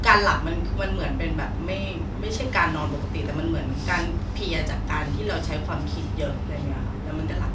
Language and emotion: Thai, neutral